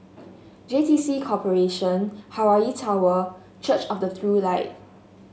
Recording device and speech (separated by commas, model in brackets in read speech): mobile phone (Samsung S8), read sentence